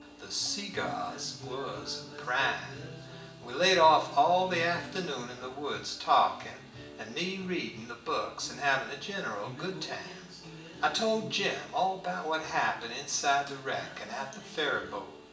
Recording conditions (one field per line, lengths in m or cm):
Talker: one person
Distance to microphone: 1.8 m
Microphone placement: close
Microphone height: 1.0 m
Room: large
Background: music